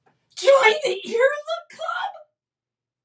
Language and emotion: English, surprised